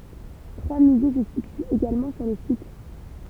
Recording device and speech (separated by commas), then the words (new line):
temple vibration pickup, read sentence
Trois musées se situent également sur le site.